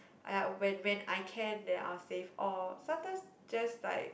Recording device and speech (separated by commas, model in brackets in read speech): boundary microphone, conversation in the same room